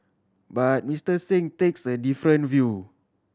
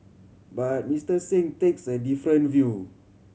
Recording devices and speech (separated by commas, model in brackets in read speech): standing microphone (AKG C214), mobile phone (Samsung C7100), read sentence